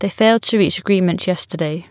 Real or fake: real